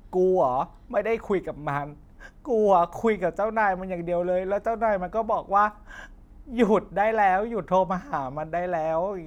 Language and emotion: Thai, sad